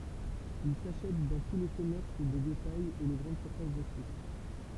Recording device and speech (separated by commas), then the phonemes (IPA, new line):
temple vibration pickup, read sentence
il saʃɛt dɑ̃ tu le kɔmɛʁs də detajz e le ɡʁɑ̃d syʁfas də syis